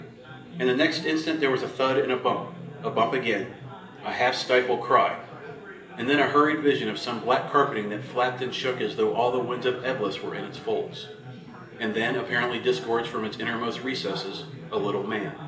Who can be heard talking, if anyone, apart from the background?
One person.